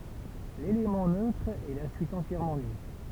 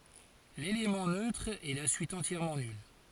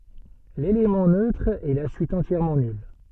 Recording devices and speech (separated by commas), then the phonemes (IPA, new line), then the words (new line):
temple vibration pickup, forehead accelerometer, soft in-ear microphone, read sentence
lelemɑ̃ nøtʁ ɛ la syit ɑ̃tjɛʁmɑ̃ nyl
L'élément neutre est la suite entièrement nulle.